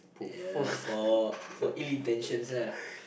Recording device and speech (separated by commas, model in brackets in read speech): boundary microphone, conversation in the same room